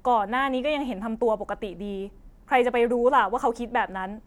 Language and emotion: Thai, frustrated